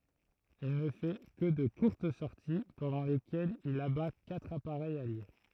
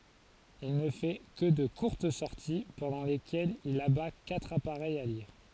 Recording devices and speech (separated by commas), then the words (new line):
throat microphone, forehead accelerometer, read sentence
Il ne fait que de courtes sorties pendant lesquelles il abat quatre appareils alliés.